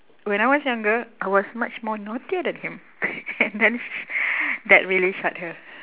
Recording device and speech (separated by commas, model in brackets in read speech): telephone, conversation in separate rooms